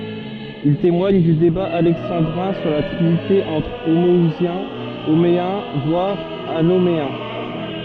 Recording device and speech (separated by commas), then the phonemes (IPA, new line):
soft in-ear microphone, read sentence
il temwaɲ dy deba alɛksɑ̃dʁɛ̃ syʁ la tʁinite ɑ̃tʁ omɔuzjɛ̃ omeɛ̃ vwaʁ anomeɛ̃